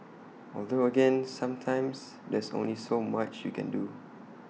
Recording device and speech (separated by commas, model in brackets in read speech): mobile phone (iPhone 6), read sentence